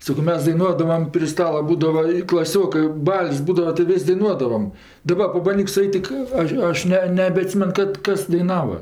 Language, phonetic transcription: Lithuanian, ˈsako ˈmes daiˈnuodavam pri ˈstala ˈbūdava i klaˈsiokɜ ˈbal's' ˈbūdava tai ˈvis' daiˈnuodavam daˈba pabanˈdyk suˈait' tik ˈaš ˈaš ne nebeaˈtsymen ˈkad ˈkas daiˈnava

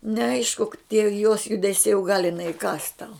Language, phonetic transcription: Lithuanian, neˈaišku tie jos judeˈsiai u gal iˈnai iˈkąs tau

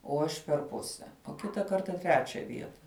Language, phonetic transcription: Lithuanian, o ˈaš per ˈpuse o ˈkita ˈkarta ˈtrečia ˈvieta

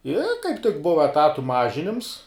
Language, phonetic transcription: Lithuanian, i kaip tik ˈbuva eˈtatu ˈmažinims

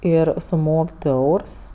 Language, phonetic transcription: Lithuanian, ˈir suˈmok' ˈdu ˈeurs

